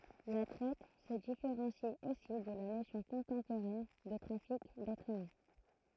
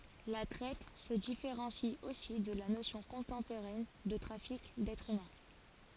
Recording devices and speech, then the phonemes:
throat microphone, forehead accelerometer, read sentence
la tʁɛt sə difeʁɑ̃si osi də la nosjɔ̃ kɔ̃tɑ̃poʁɛn də tʁafik dɛtʁz ymɛ̃

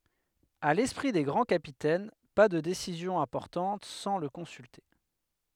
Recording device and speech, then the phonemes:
headset microphone, read sentence
a lɛspʁi de ɡʁɑ̃ kapitɛn pa də desizjɔ̃z ɛ̃pɔʁtɑ̃t sɑ̃ lə kɔ̃sylte

